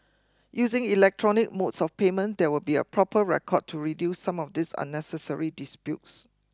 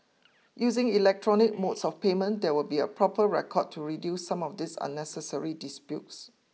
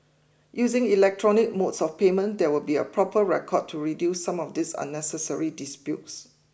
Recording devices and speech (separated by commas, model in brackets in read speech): close-talking microphone (WH20), mobile phone (iPhone 6), boundary microphone (BM630), read sentence